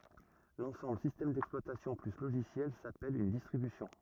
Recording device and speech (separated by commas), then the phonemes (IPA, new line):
rigid in-ear microphone, read sentence
lɑ̃sɑ̃bl sistɛm dɛksplwatasjɔ̃ ply loʒisjɛl sapɛl yn distʁibysjɔ̃